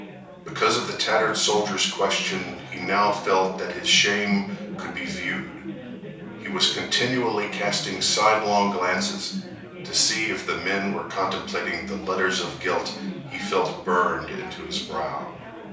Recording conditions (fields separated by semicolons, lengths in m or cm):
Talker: one person; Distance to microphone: 3.0 m; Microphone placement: far; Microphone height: 1.8 m; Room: small (3.7 m by 2.7 m); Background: babble